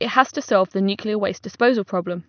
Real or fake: real